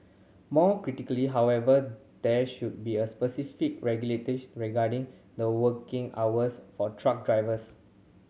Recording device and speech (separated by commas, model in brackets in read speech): mobile phone (Samsung C7100), read sentence